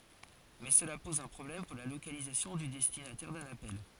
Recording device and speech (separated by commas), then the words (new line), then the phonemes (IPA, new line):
forehead accelerometer, read sentence
Mais cela pose un problème pour la localisation du destinataire d'un appel.
mɛ səla pɔz œ̃ pʁɔblɛm puʁ la lokalizasjɔ̃ dy dɛstinatɛʁ dœ̃n apɛl